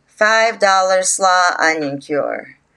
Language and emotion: English, neutral